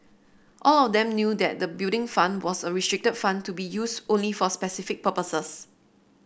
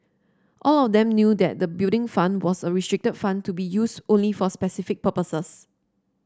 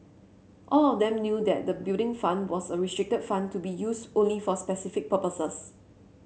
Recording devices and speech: boundary microphone (BM630), standing microphone (AKG C214), mobile phone (Samsung C7), read sentence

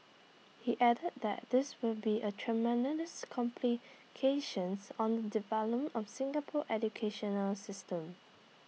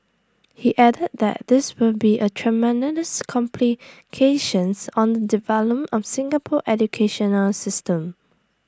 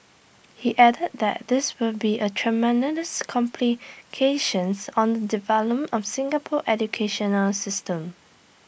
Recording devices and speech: mobile phone (iPhone 6), standing microphone (AKG C214), boundary microphone (BM630), read sentence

